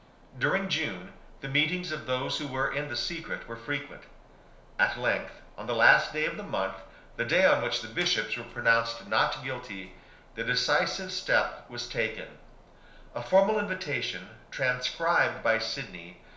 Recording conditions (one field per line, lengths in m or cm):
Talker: one person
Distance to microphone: 1.0 m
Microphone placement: close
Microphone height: 1.1 m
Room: small (3.7 m by 2.7 m)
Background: none